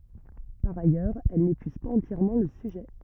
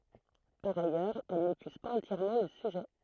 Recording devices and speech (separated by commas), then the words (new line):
rigid in-ear microphone, throat microphone, read sentence
Par ailleurs, elles n'épuisent pas entièrement le sujet.